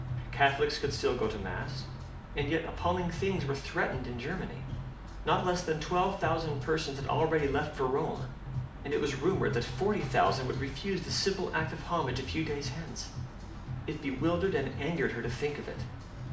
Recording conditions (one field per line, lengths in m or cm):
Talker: one person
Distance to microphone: 2.0 m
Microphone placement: close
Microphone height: 99 cm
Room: medium-sized (5.7 m by 4.0 m)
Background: music